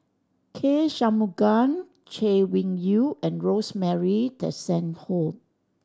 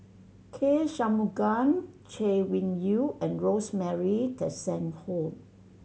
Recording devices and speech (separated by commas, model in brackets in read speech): standing microphone (AKG C214), mobile phone (Samsung C7100), read sentence